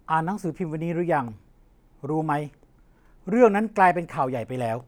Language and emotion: Thai, neutral